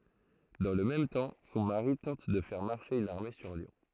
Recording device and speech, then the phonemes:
throat microphone, read sentence
dɑ̃ lə mɛm tɑ̃ sɔ̃ maʁi tɑ̃t də fɛʁ maʁʃe yn aʁme syʁ ljɔ̃

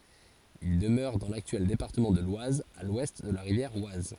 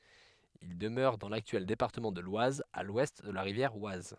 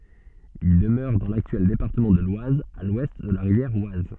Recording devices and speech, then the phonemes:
forehead accelerometer, headset microphone, soft in-ear microphone, read sentence
il dəmøʁɛ dɑ̃ laktyɛl depaʁtəmɑ̃ də lwaz a lwɛst də la ʁivjɛʁ waz

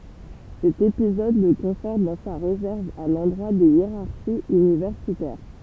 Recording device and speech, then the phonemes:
temple vibration pickup, read sentence
sɛt epizɔd lə kɔ̃fɔʁt dɑ̃ sa ʁezɛʁv a lɑ̃dʁwa de jeʁaʁʃiz ynivɛʁsitɛʁ

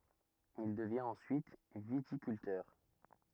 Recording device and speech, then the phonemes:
rigid in-ear microphone, read sentence
il dəvjɛ̃t ɑ̃syit vitikyltœʁ

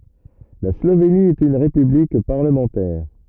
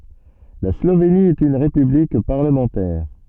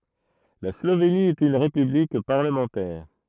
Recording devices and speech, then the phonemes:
rigid in-ear microphone, soft in-ear microphone, throat microphone, read sentence
la sloveni ɛt yn ʁepyblik paʁləmɑ̃tɛʁ

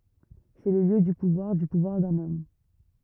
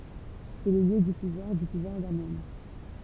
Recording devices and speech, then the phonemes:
rigid in-ear microphone, temple vibration pickup, read sentence
sɛ lə ljø dy puvwaʁ dy puvwaʁ dœ̃n ɔm

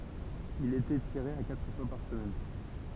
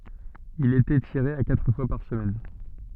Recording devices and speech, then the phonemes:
temple vibration pickup, soft in-ear microphone, read sentence
il etɛ tiʁe a katʁ fwa paʁ səmɛn

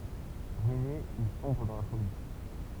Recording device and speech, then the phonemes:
temple vibration pickup, read sentence
ʁyine il sɔ̃bʁ dɑ̃ la foli

